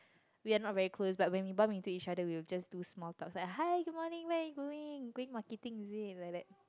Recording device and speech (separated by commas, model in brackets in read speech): close-talking microphone, conversation in the same room